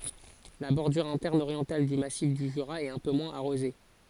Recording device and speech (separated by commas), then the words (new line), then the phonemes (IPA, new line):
forehead accelerometer, read sentence
La bordure interne orientale du massif du Jura est un peu moins arrosée.
la bɔʁdyʁ ɛ̃tɛʁn oʁjɑ̃tal dy masif dy ʒyʁa ɛt œ̃ pø mwɛ̃z aʁoze